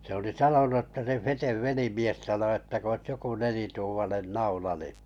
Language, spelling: Finnish, se oli sanonut jotta se Feten velimies sanoi että kun olisi joku nelituumainen naula niin
- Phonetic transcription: se oli 'sanonu ‿ᵊtta » se 'Fetev 'velimies sano että k ‿oⁱs 'joku 'nelituumanen "naula ni « .

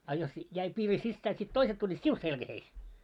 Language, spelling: Finnish, ja jos jäi piiri sisään sitten toiset tulivat sinun selkääsi
- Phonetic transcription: a jos , jäi piiri 'sissää sit "toiset tuĺĺiit "siu 'selkäheis .

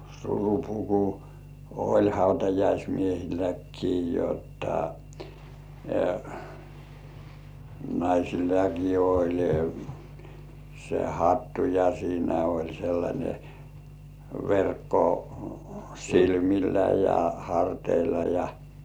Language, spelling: Finnish, surupuku oli hautajaismiehilläkin jotta naisillakin oli se hattu ja siinä oli sellainen verkko silmillä ja harteilla ja
- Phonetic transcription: surupuku , oĺ "hautajaismiehilläkkii jotta , 'naisillaki oĺ , se "hattu ja siinä oĺ 'sellańe , 'verkko , "silmillä ja 'harteilla ja .

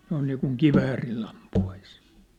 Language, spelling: Finnish, noin niin kuin kiväärillä ampuisi
- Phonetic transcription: noin niikuŋ "kiväärill ‿ampu₍ais .

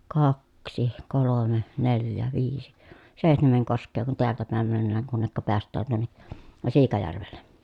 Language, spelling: Finnish, kaksi kolme neljä viisi seitsemän koskea kun täältä päin mennään kunne päästään tuonne Siikajärvelle
- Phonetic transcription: kaksi , kolome , neljä , viisi , sèi̮htemeŋ kosk̆kee kun teältä pä̀em männääŋ kunnekka peäst̆tään tuonne , Siikajärvelle .

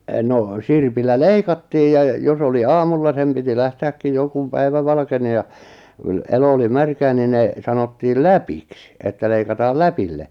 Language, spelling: Finnish, no sirpillä leikattiin ja jos oli aamulla sen piti lähteäkin jo kun päivä valkeni ja - elo oli märkää niin ne sanottiin läpiksi että leikataan läpille
- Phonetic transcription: noo 'sirpillä "leikattiij ja , 'jos ‿oli "aamulla 'sem piti 'lähte₍äkkin jo kum 'päivä valʿaʾkeni ja , yl- 'elo oli 'märkää ni ne , 'sanottiil "läpiks(ɪ) , että 'leikataal "läpille .

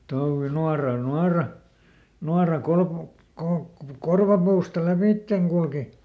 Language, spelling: Finnish, touvi nuoralla nuora nuora - - korvapuusta lävitse kulki
- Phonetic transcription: ˈtouvvi ˈnuaral "nuara , ˈnuara ˈkolkup- , ˈkolkkup- ˈkorvapuusta "läpìtteŋ kulki .

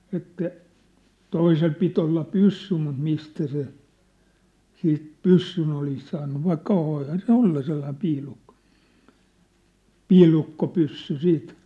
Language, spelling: Finnish, että toisella piti olla pyssy mutta mistä se siitä pyssyn olisi saanut vaikka voihan se olla sellainen piilukko piilukkopyssy sitten
- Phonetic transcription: että , "toisel pit ‿olla "pyssy mut 'mistä se , 'siit "pyssyn ‿olis saannu 'vaikka 'voihan se "olla 'sellaĭm "piilukkᴏ , "piilukko'pyssy 'siit .

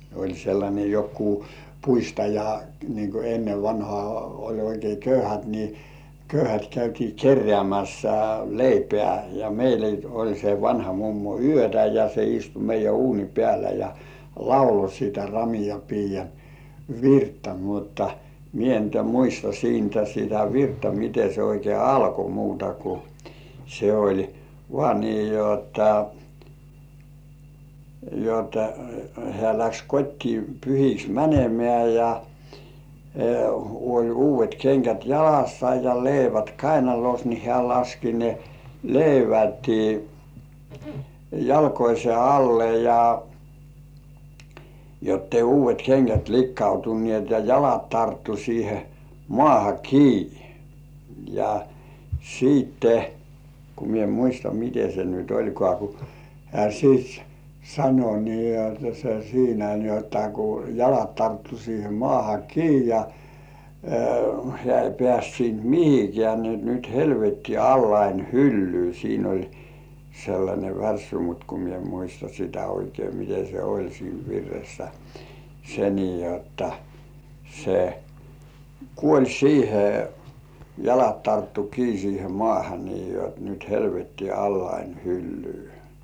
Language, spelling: Finnish, oli sellainen joku puistaja niin kun ennen vanhaan oli oikein köyhät niin köyhät käytiin keräämässä leipää ja - oli se vanha mummo yötä ja se istui meidän uunin päällä ja lauloi sitä - ramian piian virttä mutta minä nyt en muista siitä sitä virttä miten se oikein alkoi muuta kuin se oli vain niin jotta jotta hän lähti kotiin pyhiksi menemään ja oli uudet kengät jalassa ja leivät kainalossa niin hän laski ne leivät jalkojensa alle ja jotta ei uudet kengät likaantuneet ja jalat tarttui siihen maahan kiinni ja sitten kun minä en muista miten se nyt olikaan kun hän sitten - sanoi niin jotta se siinä niin jotta kun jalat tarttui siihen maahan kiinni ja hän ei päässyt siitä mihinkään niin jotta nyt helvetti allani hyllyy siinä oli sellainen värssy mutta kun minä en muista sitä oikein miten se oli siinä virressä se niin jotta se kuoli siihen jalat tarttui kiinni siihen maahan niin jotta nyt helvetti allani hyllyy
- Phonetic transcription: oĺ sellańe 'jokkuu "puistaja , niin ku 'ennev vanhŏà oĺ oikei "köyhät ni , 'köyhät käytii "kerrĕä̀§mässä , "leipĕä̀ ja meile- oĺ se 'vanha mummo "yötä ja se istu meijjä "uuni 'peälä ja , "laulo sitä 'ra mija piijja "virttä mutta , "mie nyt ‿em muista 'siintä sitä "virttä 'mite se oikei 'alko muuta ku , se oĺ , "vŏ§à nii 'jotta , jotta heä läks 'kot́tii pyhiks "mänemĕä̀ ja , oĺ 'uuv̆§vet keŋkät "jalassa ja 'leivät "kainalos ni 'hĕä̀§ laski ne , 'leiväti , 'jalkoise "alle ja , jottei 'uuv̆§vet keŋkät "likkautunnĭèt ja 'jalat tarttu siihe "mŏàha "kiini , ja , siitte , ku 'mie ‿m "muista 'mite se nyt "oĺkŏà ku , hĕä̀§ 'siit s- "sano nii jotta 'se "siinä ni ‿otta ku , 'jalat tarttu siihe "mŏàha 'kii ja , 'hĕä̀§ ei pĕ§ä̀st siint "mihikeä̀ ni ‿ot » 'nyt "helvetti "allain "hyllyy « 'siin ‿oĺ 'sellańe "värssy mut ku mie ‿m 'muista sitä oikei 'mite se "oĺ siin 'virressä , 'se nii jotta , se , "kuoĺ 'siihe , 'jalat tarttu 'kii siihe "mŏ§àha nii jot » nyt "helvetti allain 'hyllyy « .

